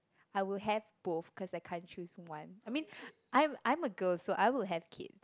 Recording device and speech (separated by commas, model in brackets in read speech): close-talking microphone, conversation in the same room